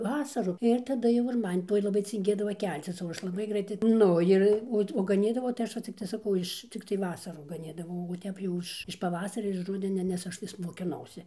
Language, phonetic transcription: Lithuanian, ˈvasaru ir taˈda jau ir ˈman ˈtoj laˈbai cinˈgėdava ˈkelcis o ˈaš laˈbai ˈgraitai ˈnu ir ˈot o gaˈnydavau tai ˈaš va ˈciktai saˈkau iš ˈciktai ˈvasarų gaˈnydavau o ˈtep jau iš iš paˈvasaria iž ˈrudenia nes ˈaš vis mokiˈnausi

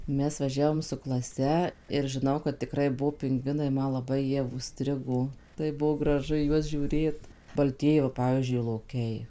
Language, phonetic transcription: Lithuanian, ˈmes vaˈžiavom su klaˈse ir žiˈnau kad tiˈkrai ˈbuo pinˈgvinai ˈma laˈbai ˈjie užˈstrigo ˈtaip ˈbuo graˈžu į ˈjuos žiūˈrėt balˈtieji va ˈpavyzdžiui loˈkiai

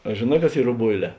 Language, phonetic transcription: Lithuanian, a žėˈnā kas ˈyr roˈboiˌlē

